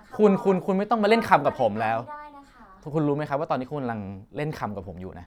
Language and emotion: Thai, frustrated